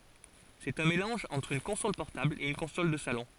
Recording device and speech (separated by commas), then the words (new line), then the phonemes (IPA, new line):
forehead accelerometer, read sentence
C'est un mélange entre une console portable et une console de salon.
sɛt œ̃ melɑ̃ʒ ɑ̃tʁ yn kɔ̃sɔl pɔʁtabl e yn kɔ̃sɔl də salɔ̃